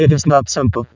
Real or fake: fake